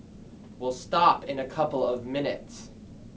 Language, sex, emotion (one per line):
English
male
angry